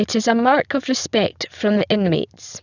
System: VC, spectral filtering